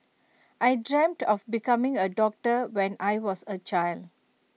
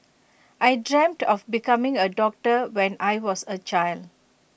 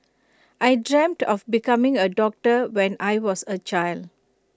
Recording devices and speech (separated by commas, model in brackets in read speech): mobile phone (iPhone 6), boundary microphone (BM630), close-talking microphone (WH20), read sentence